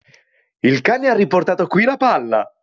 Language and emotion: Italian, happy